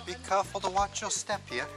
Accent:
In a British accent